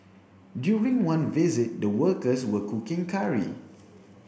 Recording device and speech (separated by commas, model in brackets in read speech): boundary microphone (BM630), read sentence